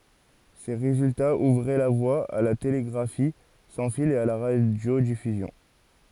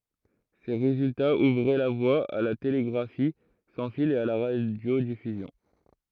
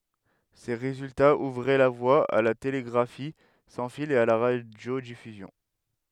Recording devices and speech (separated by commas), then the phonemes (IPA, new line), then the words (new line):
forehead accelerometer, throat microphone, headset microphone, read sentence
se ʁezyltaz uvʁɛ la vwa a la teleɡʁafi sɑ̃ fil e a la ʁadjodifyzjɔ̃
Ces résultats ouvraient la voie à la télégraphie sans fil et à la radiodiffusion.